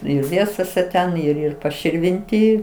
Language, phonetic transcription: Lithuanian, ˈir ˈviesose ˈten ir ir paširvinˈty

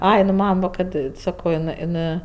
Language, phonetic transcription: Lithuanian, ˈai nu ˈmam va kad ˈsako iˈnɜ iˈnɜ

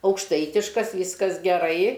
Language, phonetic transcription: Lithuanian, aukšˈtaitiškas ˈvyskas geˈrai

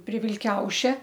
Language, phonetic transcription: Lithuanian, pri vilˈkiaušia

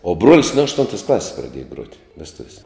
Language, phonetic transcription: Lithuanian, o ˈbruolis nu ašˈtuntas ˈklasis praˈdieja gruot' vesˈtuvies'

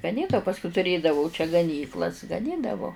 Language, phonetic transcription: Lithuanian, gaˈnyt a pasˈkui tuˈrėdavau čia gaˈnyklas gaˈnydavo

